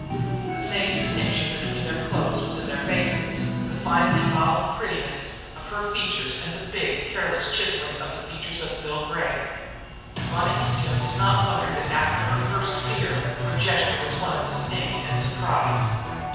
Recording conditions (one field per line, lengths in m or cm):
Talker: one person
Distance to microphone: 7.1 m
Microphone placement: far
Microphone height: 1.7 m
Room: very reverberant, large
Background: music